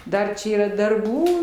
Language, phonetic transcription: Lithuanian, ˈdar čia yˈra darˈbų

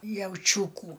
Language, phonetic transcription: Lithuanian, jauˈčiūkų

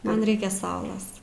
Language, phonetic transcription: Lithuanian, ˈman ˈreikia ˈsaulas

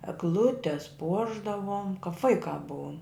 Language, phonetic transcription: Lithuanian, egˈlutes ˈpuošdavom kap ˈvaikā ˈbuom

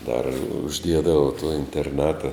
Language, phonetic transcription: Lithuanian, dar užˈdiedava to interˈnata

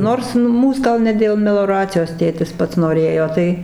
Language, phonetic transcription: Lithuanian, ˈnors ˈmūs gal ˈne dėl meloˈracijos ˈtėtis ˈpats noˈrėjo ˈtai

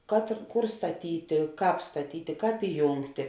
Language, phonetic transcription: Lithuanian, kad ir ˈkur staˈtytė ˈkāp staˈtytė ˈkāp iˈjūngtė

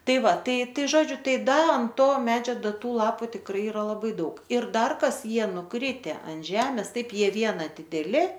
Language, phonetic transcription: Lithuanian, ˈtai ˈva ˈtai ˈtai ˈžodžiu ˈtai ˈda an ˈto ˈmedžio ˈda ˈtų ˈlapu tikˈrai iˈra laˈbai ˈdaug ir ˈdar ˈkas ˈjie nuˈkrite an ˈžemes ˈtaip ˈjie ˈviena dideˈli

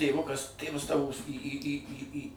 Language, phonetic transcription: Lithuanian, tėˈvukas ˈtėvas ˈtavos į į į į ˈį

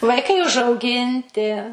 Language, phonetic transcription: Lithuanian, vaiˈkai užauˈginti

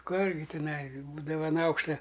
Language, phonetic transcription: Lithuanian, ˈkur gi tiˈnai ˈbūdava an ˈaukšta

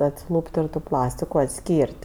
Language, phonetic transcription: Lithuanian, atsiˈlūp't' ten tu ˈplastiku atˈskyr't'

